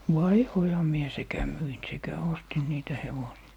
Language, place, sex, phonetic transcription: Finnish, Lappee, male, "vaihoiha 'mie sekä 'myin sekä 'ostin niitä 'hevosi₍a .
- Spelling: vaihdoinhan minä sekä myin sekä ostin niitä hevosia

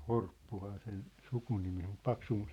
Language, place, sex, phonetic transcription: Finnish, Sippola, male, Horppuhaa sen , 'sukunimi om muᵖ "Paksumma- ,.
- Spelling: Horppuhan sen sukunimi on mutta -

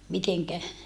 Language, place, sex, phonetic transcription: Finnish, Saarijärvi, female, miteŋkä ?
- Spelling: miten

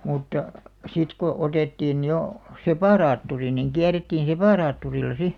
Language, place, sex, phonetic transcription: Finnish, Alastaro, female, mutta , sit ko 'otettiin̳§ 'jo , "sepàraatturi niŋ 'kiärettiin 'sepàraatturilla 'si .
- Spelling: mutta sitten kun otettiin jo separaattori niin kierrettiin separaattorilla sitten

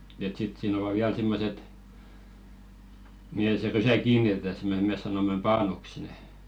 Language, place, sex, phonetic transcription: Finnish, Velkua, male, et 'sit siin ‿ova "viäl 'simmoset , mihe se 'rysä "kiinitetä sem- me mes̆ 'sanom̆mem "paanuks nè .
- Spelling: että sitten siinä ovat vielä semmoiset mihin se rysä kiinnitetään - me me sanomme paanuksi ne

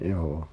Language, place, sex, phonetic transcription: Finnish, Pihtipudas, male, 'joo₍o .
- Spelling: joo

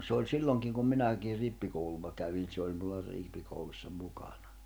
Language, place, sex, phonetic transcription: Finnish, Jämsä, male, se oĺ 'silloŋkiŋ kum 'minäkiir̆ 'rippikouluva kävin se oĺ mulla 'rìppikoulussa 'mukaɴᴀ .
- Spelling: se oli silloinkin kun minäkin rippikoulua kävin se oli minulla rippikoulussa mukana

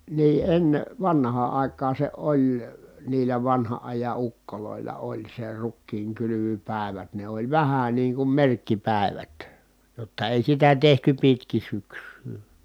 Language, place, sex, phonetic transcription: Finnish, Kitee, male, nii , enne , vanhaa ài̮kaan̬ se oĺ , niilä vanhaʼ ʼaja ukkolòilla oĺ se rukkiiŋkylyvypä̀i̮vät ne ‿oĺ vähä niiŋ kum merkkipä̀i̮vät , jotta èi sitä tehty pitkin̬ syks̀yy .
- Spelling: niin ennen vanhaan aikaan se oli niillä vanhan ajan ukoilla oli se rukiinkylvöpäivät ne oli vähän niin kuin merkkipäivät jotta ei sitä tehty pitkin syksyä

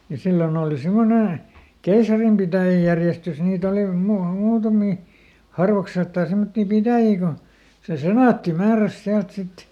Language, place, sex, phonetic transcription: Finnish, Lieto, male, ja ˈsillon ‿ooli ˈsimmone , ˈkeisarimpitä̀jäjärjestys ˈniit ‿oli mua- ˈmuutamì , ˈharvakselttaa semmottì "pitä̀jii ko , se "senàtti ˈmääräs ˈsiält ˈsit .
- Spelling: ja silloin oli semmoinen keisarinpitäjäjärjestys niitä oli - muutamia harvakseltaan semmoisia pitäjiä kun se senaatti määräsi sieltä sitten

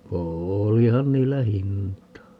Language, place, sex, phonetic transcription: Finnish, Paavola, male, "oolihan niillä "hintaa .
- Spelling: olihan niillä hintaa

